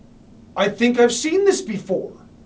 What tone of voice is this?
happy